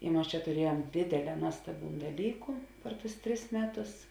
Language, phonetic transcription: Lithuanian, i ˈmas čia tuˈriejuom ˈdėdėˌlē ˈnuostaˌbiūn daˈlyku per tus ˈtris ˈmeˌtus

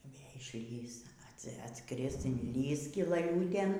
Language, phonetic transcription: Lithuanian, y ˈvė išˈlįs ˈats atˈskris inˈlįs skilaˈliūtėn

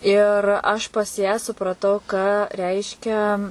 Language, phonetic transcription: Lithuanian, ˈir aš pas ją supraˈtau ką ˈreiškia

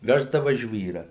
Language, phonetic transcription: Lithuanian, ˈveždava ˈžvyrą

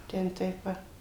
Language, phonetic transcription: Lithuanian, ˈten ˈtaip ˈva

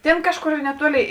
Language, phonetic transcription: Lithuanian, ˈtėn ˈkažˌkor neˈtuolėi

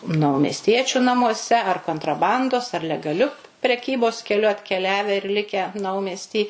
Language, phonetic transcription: Lithuanian, naumesˈtiečiu namuoˈse ar kontraˈbandos ar legaˈliu preˈkybos keˈliu atkeˈliave ir ˈlikę ˈnaumesty

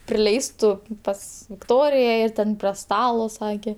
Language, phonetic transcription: Lithuanian, priˈleistu ˈpas vikˈtorija ir ˈten prie ˈstalo ˈsakė

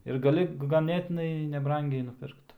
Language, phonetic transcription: Lithuanian, ir gaˈli gaˈnėtinai neˈbrangiai nuˈpirkt

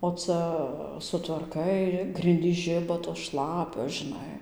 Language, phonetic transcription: Lithuanian, o ˈca sutvarˈkai ˈgrindys ˈžiba tos ˈšlapios žiˈnai

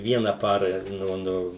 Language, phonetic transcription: Lithuanian, ˈviena ˈpara ˈnu ˈnu

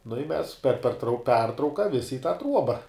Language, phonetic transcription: Lithuanian, nu i mes per perˈtrau ˈpertrauka ˈvisi i tą ˈtruoba

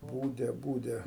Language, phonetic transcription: Lithuanian, ˈbūde ˈbūde

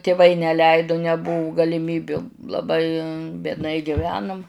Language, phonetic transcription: Lithuanian, tiˈvai neˈleido neˈbuvu galiˈmybiu laˈbai biedˈnai giˈvenum

